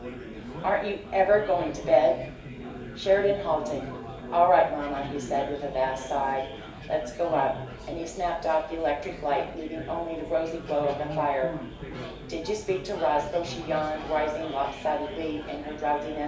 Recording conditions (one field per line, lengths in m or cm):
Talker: one person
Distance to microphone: 1.8 m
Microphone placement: close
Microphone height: 1.0 m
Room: large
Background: babble